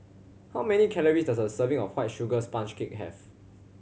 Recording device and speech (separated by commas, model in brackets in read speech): mobile phone (Samsung C7100), read sentence